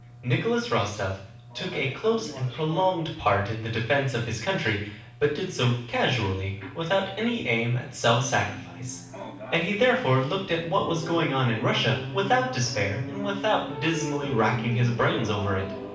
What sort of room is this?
A moderately sized room.